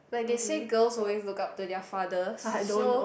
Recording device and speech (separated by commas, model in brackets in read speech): boundary microphone, conversation in the same room